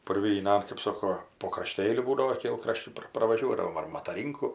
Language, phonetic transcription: Lithuanian, purvyˈnan kɜp ˈsoko po kraˈštėliu ˈbūdavo ˈkėlkraščiu ˈpra pravaˈžiuodavom ar mataˈrynku

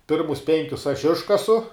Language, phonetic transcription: Lithuanian, ˈpirmus ˈpenkius aš ˈiškasu

